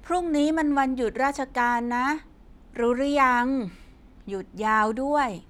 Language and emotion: Thai, frustrated